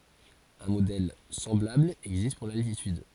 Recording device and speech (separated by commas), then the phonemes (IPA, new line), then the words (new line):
forehead accelerometer, read sentence
œ̃ modɛl sɑ̃blabl ɛɡzist puʁ laltityd
Un modèle semblable existe pour l'altitude.